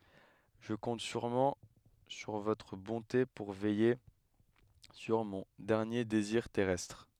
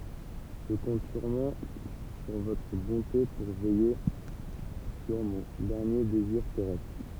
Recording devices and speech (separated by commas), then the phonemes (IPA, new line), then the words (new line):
headset microphone, temple vibration pickup, read sentence
ʒə kɔ̃t syʁmɑ̃ syʁ votʁ bɔ̃te puʁ vɛje syʁ mɔ̃ dɛʁnje deziʁ tɛʁɛstʁ
Je compte sûrement sur votre bonté pour veiller sur mon dernier désir terrestre.